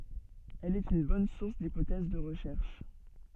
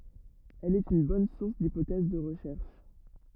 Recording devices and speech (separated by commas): soft in-ear microphone, rigid in-ear microphone, read sentence